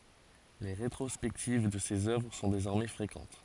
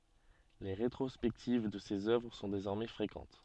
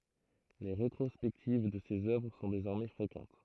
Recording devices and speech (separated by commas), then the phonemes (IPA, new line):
forehead accelerometer, soft in-ear microphone, throat microphone, read sentence
le ʁetʁɔspɛktiv də sez œvʁ sɔ̃ dezɔʁmɛ fʁekɑ̃t